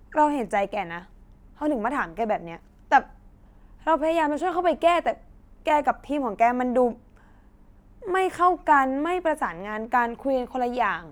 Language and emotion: Thai, sad